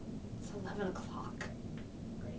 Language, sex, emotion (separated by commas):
English, female, neutral